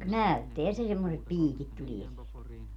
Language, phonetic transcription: Finnish, "näytteä se semmosep "piikit 'tulie sielt .
- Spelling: näyttää se semmoiset piikit tulee sieltä

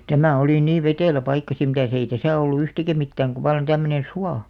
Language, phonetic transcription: Finnish, tämä̀ olì 'niiv̆ 'vetèlä 'paikka sim mitäs ‿ei "täsä̀ ollu 'yhtikä "mittääŋ ku vallan 'tämmönen̬ "sua .
- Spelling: tämä oli niin vetelä paikka sitten mitäs ei tässä ollut yhtikäs mitään kun vallan tämmöinen suo

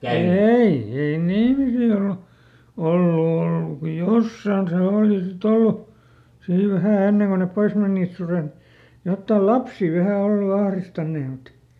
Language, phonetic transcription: Finnish, "ei , ei ne ˈihmisille o- , ˈollu ˈollu ko "jossaan se ˈooli siˈt ‿ollu , ˈsii ˈvähä ˈenneŋ ko nep "pois men̆nìt ˈsuret , ˈjottà "lapsì vähä ˈollu ˈahristannee mut ,.
- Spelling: ei ei ne ihmisille - ollut ollut kun jossakin se oli sitten ollut siinä vähän ennen kuin ne pois menivät sudet jotta lapsia vähän ollut ahdistaneet mutta

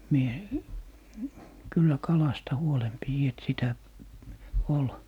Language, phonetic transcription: Finnish, mie , "kyllä 'kalasta 'huolem 'piji et 'sitä , 'ol .
- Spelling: minä kyllä kalasta huolen pidin että sitä oli

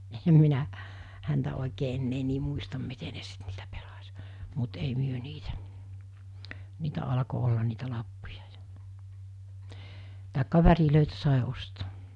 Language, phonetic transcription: Finnish, 'ehem minä , häntä òikee ennee nii 'muistam 'mite ne sit niitä pelas , mut ei 'myö 'niitä , 'niitä alako ollan niitä 'lappuja jᴀ , tàekka 'värilö̀itä sài 'ostᴏᴏ .
- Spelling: enhän minä häntä oikein enää niin muista miten ne sitten niitä pelasi mutta ei me niitä niitä alkoi olla niitä lappuja ja tai värejä sai ostaa

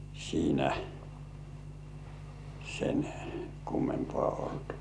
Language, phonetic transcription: Finnish, siinä , sen , 'kummempŏà olt .
- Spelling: siinä sen kummempaa ollut

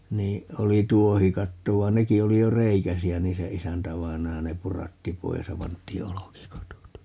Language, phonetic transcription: Finnish, 'nii , 'oli "tuohikatto 'vai̮n "neki 'oli jo "reikäsi₍ä 'nii se "isäntävainaja 'ne "puratti 'pois ja 'pant̆tii "olokikatot .
- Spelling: niin oli tuohikatto vaan nekin oli jo reikäisiä niin se isäntävainaja ne puratti pois ja pantiin olkikatot

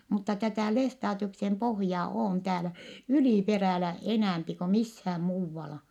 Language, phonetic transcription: Finnish, mutta tätä̀ lestaatiuksem pohjaa oon täälä , ylìperä̀lä , enä̀mpi ko mishääm muuvvala .
- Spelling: mutta tätä Lestadiuksen pohjaa on täällä yliperällä enempi kun missään muualla

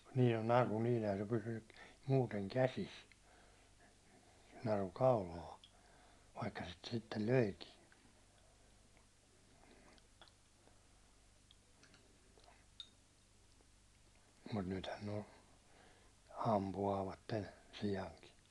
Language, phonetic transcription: Finnish, nii no 'naru niin̬ ehän se 'pysynny , muuteŋ "käsis , naru "kaulaa , vaikka sit sittel 'löikiin , mut 'nythän nᵉ o , 'ampu₍aavatten̬ , 'si₍aŋki .
- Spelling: niin no naru niin eihän se pysynyt muuten käsissä naru kaulaan vaikka sitä sitten löikin mutta nythän ne on ampuvat siankin

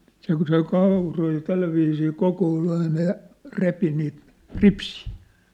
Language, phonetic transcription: Finnish, se kŭ söi 'kàuroi ja 'tälläviisii 'kokool ‿aina ja , 'repi niit , "ripsii .
- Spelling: se kun söi kauroja ja tällä viisiin kokoili aina ja repi niitä ripsiä

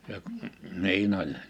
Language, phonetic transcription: Finnish, ja , 'niin ‿oĺ .
- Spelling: ja niin oli

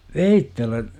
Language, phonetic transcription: Finnish, veittellä .
- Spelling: veitsellä

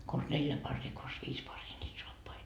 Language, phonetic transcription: Finnish, kons 'neljä 'parrii kons 'viis 'parrii ńiit 'soappai .
- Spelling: konsa neljä paria konsa viisi paria niitä saappaita

